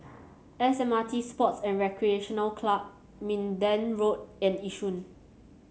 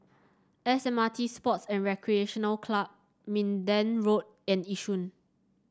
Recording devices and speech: mobile phone (Samsung C7), standing microphone (AKG C214), read sentence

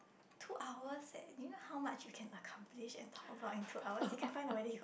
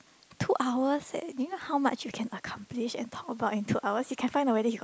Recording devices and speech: boundary microphone, close-talking microphone, conversation in the same room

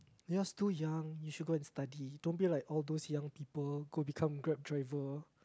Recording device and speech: close-talking microphone, conversation in the same room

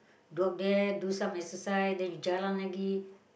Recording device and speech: boundary microphone, conversation in the same room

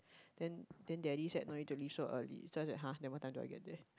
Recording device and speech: close-talking microphone, conversation in the same room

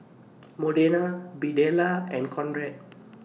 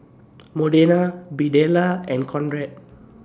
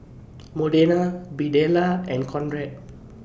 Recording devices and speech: mobile phone (iPhone 6), standing microphone (AKG C214), boundary microphone (BM630), read sentence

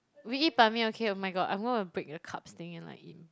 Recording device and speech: close-talking microphone, conversation in the same room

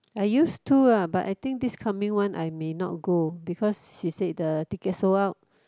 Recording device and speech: close-talking microphone, conversation in the same room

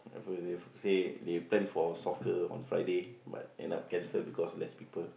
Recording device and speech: boundary microphone, conversation in the same room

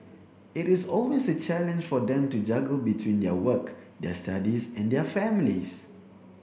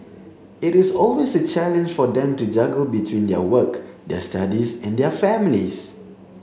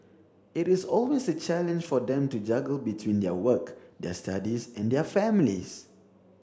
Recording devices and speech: boundary microphone (BM630), mobile phone (Samsung C7), standing microphone (AKG C214), read sentence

